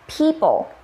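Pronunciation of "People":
'People' is said with the standard American pronunciation, with aspiration on the P.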